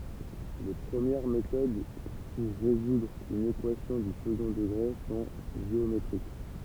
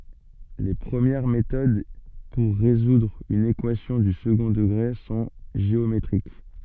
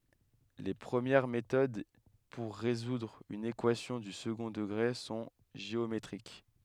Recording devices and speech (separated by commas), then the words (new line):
temple vibration pickup, soft in-ear microphone, headset microphone, read sentence
Les premières méthodes pour résoudre une équation du second degré sont géométriques.